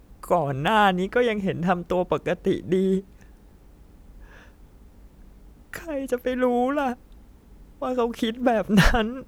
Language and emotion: Thai, sad